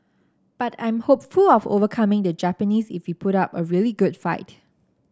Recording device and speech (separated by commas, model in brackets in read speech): standing microphone (AKG C214), read sentence